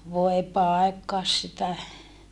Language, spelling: Finnish, voi paikkaasi sitä
- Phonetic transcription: vòe paekkaas sitä !

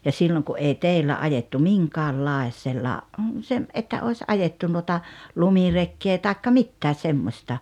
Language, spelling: Finnish, ja silloin kun ei teillä ajettu minkäänlaisella - että olisi ajettu noita lumirekeä tai mitään semmoista
- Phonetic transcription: ja 'silloŋ ku '’ei 'tèillä 'ajettu "miŋkaallaes̀ella , sem- , '’että 'òes "’ajettu nuota , "lumirekkee tàekka "mittää 'semmosta .

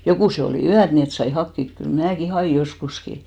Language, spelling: Finnish, jokuset oli yöt niin että sai hakea kyllä minäkin hain joskuskin
- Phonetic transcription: 'jokùse olì "yät ni et sai 'hakkik 'kyl 'mnääki "haʲì 'joskuski .

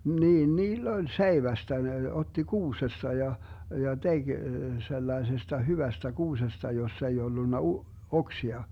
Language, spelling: Finnish, niin niillä oli seivästä ne otti kuusesta ja ja teki sellaisesta hyvästä kuusesta jossa ei ollut - oksia
- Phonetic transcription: 'niin "niill ‿oĺ "seivästä ne otti 'kuusesta ja , ja 'teG 'sellaesesta 'hyvästä 'kuusesta 'jossa ei 'ollunna u- , 'oksia .

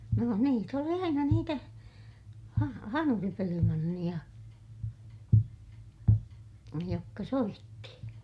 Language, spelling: Finnish, no niitä oli aina niitä - hanuripelimanneja jotka soitti
- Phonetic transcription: no niit ‿oli aina niitä , ha - hanuripelimanniʲa , jokka soitti .

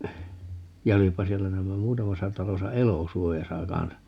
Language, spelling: Finnish, ja olipa siellä näemmä muutamassa talossa elosuojassa kanssa niin
- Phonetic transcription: ja 'olippa 'siellä 'näämmä "muutamasa 'talosa "elòsuojasa 'kansan (ni) .

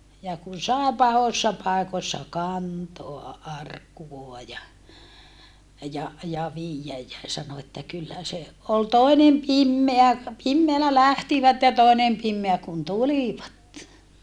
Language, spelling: Finnish, ja kun sai pahoissa paikoissa kantaa arkkua ja ja ja viedä ja sanoi että kyllä se oli toinen pimeä pimeällä lähtivät ja toinen pimeä kun tulivat
- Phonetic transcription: ja kun̬ sàe pahossa pàekossa kantoa ʼarkkuvoa ja , ja , ja viijjäj jä , sano että kyllä se , ol toinem pimmeä , pimmeälä lähtivät ja tòenem pimmeä kun tulivat .

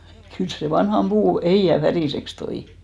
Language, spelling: Finnish, kyllä se vanhan puun ehjän väriseksi toi
- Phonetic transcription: 'kyls se 'vanham 'ʙuu 'ehì₍ä "färìseks toi .

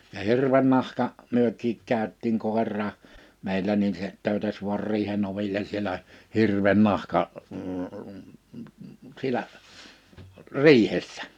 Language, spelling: Finnish, ja hirven nahka mekin käytiin koirakin meillä niin se töytäsi vain riihen oville siellä hirven nahka siellä riihessä
- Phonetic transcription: ja 'hirven nahka , 'myök̀iik 'kä̀yt̆tiiŋ 'kòerraa , 'meilä nin se , 'tö̀ytäs vu̬ar 'riihen ‿oviĺen sielä , 'hirven nahka , siᵉlä , "riihessᴀ̈ .

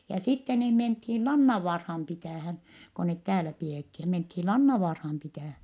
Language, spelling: Finnish, ja sitten niin mentiin Lannanvaaraan pitämään kun ne täällä pidettiin ja mentiin Lannanvaaraan pitämään
- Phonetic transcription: ja sitte nii menthin Lannavvaarham pitä̀hän , ko net täälä pi₍èthi ja menthi Lannavaarham pitä̀(hä) .

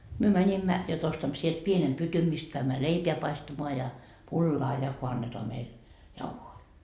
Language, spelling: Finnish, me menimme jotta ostamme sieltä pienen pytyn mistä käymme leipää paistamaan ja pullaa ja kun annetaan meille jauhoja
- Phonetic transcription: myö 'mäńimmä , jot ostammo sielt 'pienem "pytym mist käymmä "leipeä 'paistamoa ja 'pullaa ja ko 'annetoa meil , "jauhoi .

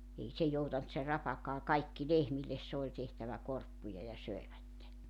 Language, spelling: Finnish, ei se joutanut se rapakaan kaikki lehmille se oli tehtävä korppuja ja söivät
- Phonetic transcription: 'ei se 'joutant se 'rapakaa "kaikki "lehmilles 'se oĺ tehtävä 'korppuja ja 'söivätte .

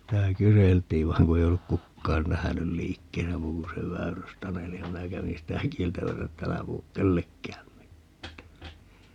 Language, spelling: Finnish, sitä kyseltiin vaan kun ei ollut kukaan nähnyt liikkeessä muu kuin se Väyrys-Taneli ja minä kävin sitä kieltämässä että - älä puhu kenellekään mitään
- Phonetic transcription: 'sitä "kyseltiin 'vai̮ŋ ku ei olluk "kukkaan 'nähänyl "liikkeesä 'muu ku se 'Väyrys"taneli ja 'minä kävin̬ sitä "kieltämäsä et » 't ‿älä puhuk "kellekkääm 'mittää » .

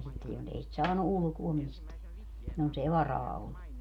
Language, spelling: Finnish, ja sitten jos ei sitä saanut ulkoa mistään jos ei varaa ollut
- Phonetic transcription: ja sitte jonsei sit "saanu 'ʼulᵘkuo misteä , jonsei "varaa ollu .

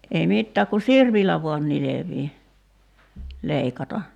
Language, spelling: Finnish, ei mitään kun sirpillä vain nilvii leikata
- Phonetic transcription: ei 'mittääk ku "sirpillä vuan 'nilevii , 'leikata .

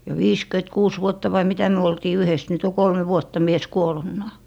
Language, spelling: Finnish, ja viisikymmentäkuusi vuotta vai mitä me oltiin yhdessä nyt on kolme vuotta mies kuolleenakin
- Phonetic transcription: ja "viiskyᵉt'kuus 'vuotta vai 'mitä 'myö oltii 'yhes nyt ‿o 'kolme 'vuotta 'mies 'kuol̀unnaa .

